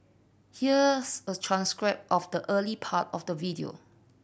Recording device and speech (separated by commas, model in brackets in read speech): boundary microphone (BM630), read sentence